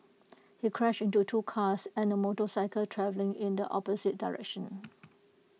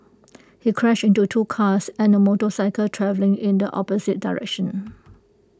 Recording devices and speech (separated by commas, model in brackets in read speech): mobile phone (iPhone 6), close-talking microphone (WH20), read sentence